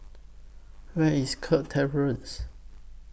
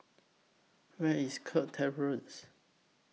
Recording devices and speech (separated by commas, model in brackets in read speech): boundary microphone (BM630), mobile phone (iPhone 6), read sentence